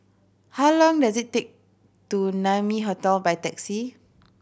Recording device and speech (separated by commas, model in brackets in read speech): boundary microphone (BM630), read sentence